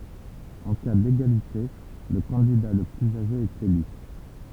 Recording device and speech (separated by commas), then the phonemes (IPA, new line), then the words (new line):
temple vibration pickup, read sentence
ɑ̃ ka deɡalite lə kɑ̃dida lə plyz aʒe ɛt ely
En cas d'égalité, le candidat le plus âgé est élu.